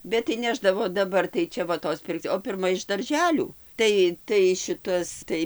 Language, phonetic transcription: Lithuanian, bet tai ˈnešdavo daˈbar tai ˈčia va ˈtos ˈpirkc o pirˈma iš darˈželių ˈtai tai ˈšitas ˈtai

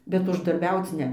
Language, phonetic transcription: Lithuanian, bet uždarˈbiauc ˈne

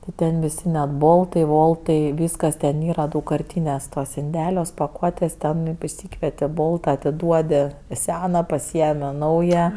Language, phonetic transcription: Lithuanian, ti ˈten viˈsi net ˈboltai ˈvoltai ˈvyskas ten ˈyra daugkarˈtyniuos tuos inˈdeliuos paˈkuotės ˈten išˈsykvieti ˈbolta atiˈduodi ˈsena paˈsiemi ˈnauja

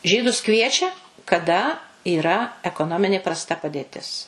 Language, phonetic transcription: Lithuanian, ˈžydus ˈkviečia kaˈda yˈra ekoˈnominė prasˈta padėˈtis

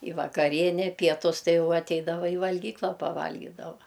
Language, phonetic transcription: Lithuanian, i vakaˈriene pieˈtus ˈtai ˈjau atˈeidava i valˈgykla paˈvalgydava

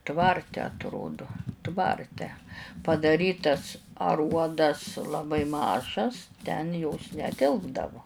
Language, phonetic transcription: Lithuanian, ˈtvarte atˈrodu ˈtvarte padaˈrytas aˈruodas laˈbai ˈmažas ten jos neˈtilpdavo

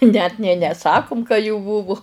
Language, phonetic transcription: Lithuanian, net nė neˈsakum ka jų ˈbūvu

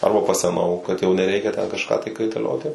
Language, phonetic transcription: Lithuanian, ˈarba paseˈnau kad jau neˈreikia ten kažˈką tai kaitaˈlioti

